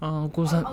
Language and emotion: Thai, neutral